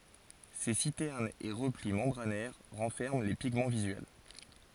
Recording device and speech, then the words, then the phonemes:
forehead accelerometer, read sentence
Ces citernes et replis membranaires renferment les pigments visuels.
se sitɛʁnz e ʁəpli mɑ̃bʁanɛʁ ʁɑ̃fɛʁmɑ̃ le piɡmɑ̃ vizyɛl

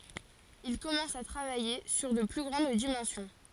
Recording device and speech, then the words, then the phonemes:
forehead accelerometer, read sentence
Il commence à travailler sur de plus grandes dimensions.
il kɔmɑ̃s a tʁavaje syʁ də ply ɡʁɑ̃d dimɑ̃sjɔ̃

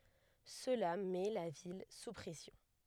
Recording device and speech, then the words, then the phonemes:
headset microphone, read sentence
Cela met la ville sous pression.
səla mɛ la vil su pʁɛsjɔ̃

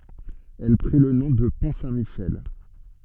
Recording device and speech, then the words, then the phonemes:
soft in-ear microphone, read sentence
Elle prit le nom de Pont Saint-Michel.
ɛl pʁi lə nɔ̃ də pɔ̃ sɛ̃tmiʃɛl

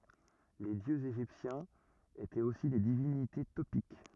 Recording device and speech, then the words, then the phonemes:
rigid in-ear microphone, read sentence
Les dieux égyptiens étaient aussi des divinités topiques.
le djøz eʒiptjɛ̃z etɛt osi de divinite topik

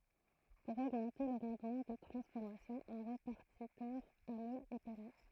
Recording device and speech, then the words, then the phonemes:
throat microphone, read sentence
Pour augmenter le rendement de transformation, un répartiteur à moules est permis.
puʁ oɡmɑ̃te lə ʁɑ̃dmɑ̃ də tʁɑ̃sfɔʁmasjɔ̃ œ̃ ʁepaʁtitœʁ a mulz ɛ pɛʁmi

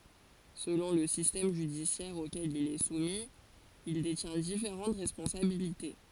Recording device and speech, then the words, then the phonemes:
forehead accelerometer, read sentence
Selon le système judiciaire auquel il est soumis, il détient différentes responsabilités.
səlɔ̃ lə sistɛm ʒydisjɛʁ okɛl il ɛ sumi il detjɛ̃ difeʁɑ̃t ʁɛspɔ̃sabilite

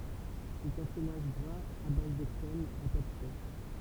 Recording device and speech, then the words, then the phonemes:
temple vibration pickup, read sentence
C'est un fromage gras à base de crème, à pâte fraîche.
sɛt œ̃ fʁomaʒ ɡʁaz a baz də kʁɛm a pat fʁɛʃ

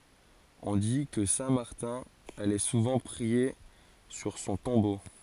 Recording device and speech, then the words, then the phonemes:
forehead accelerometer, read sentence
On dit que saint Martin allait souvent prier sur son tombeau.
ɔ̃ di kə sɛ̃ maʁtɛ̃ alɛ suvɑ̃ pʁie syʁ sɔ̃ tɔ̃bo

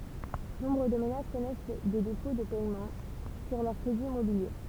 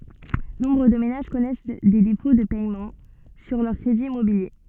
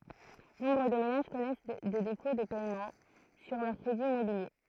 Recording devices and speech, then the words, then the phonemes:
temple vibration pickup, soft in-ear microphone, throat microphone, read sentence
Nombre de ménages connaissent des défauts de paiements sur leurs crédits immobiliers.
nɔ̃bʁ də menaʒ kɔnɛs de defo də pɛmɑ̃ syʁ lœʁ kʁediz immobilje

